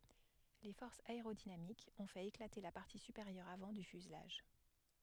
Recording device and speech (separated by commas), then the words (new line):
headset microphone, read sentence
Les forces aérodynamiques ont fait éclater la partie supérieure avant du fuselage.